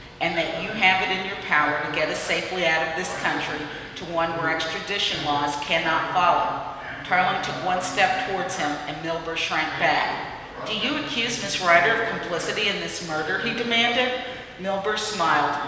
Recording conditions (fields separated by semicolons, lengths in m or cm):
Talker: one person; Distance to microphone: 1.7 m; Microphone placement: close; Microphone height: 1.0 m; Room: very reverberant, large; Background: television